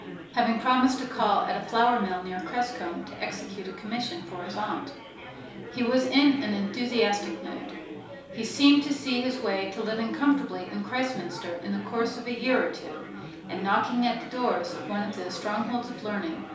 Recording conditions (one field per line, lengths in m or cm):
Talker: one person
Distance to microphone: 3.0 m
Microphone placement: far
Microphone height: 1.8 m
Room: small (3.7 m by 2.7 m)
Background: babble